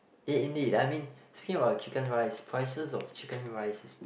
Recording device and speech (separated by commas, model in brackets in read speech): boundary microphone, conversation in the same room